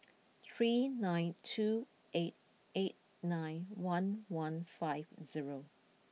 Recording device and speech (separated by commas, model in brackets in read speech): mobile phone (iPhone 6), read sentence